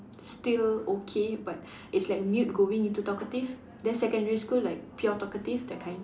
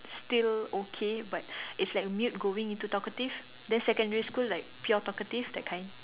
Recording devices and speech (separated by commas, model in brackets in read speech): standing microphone, telephone, conversation in separate rooms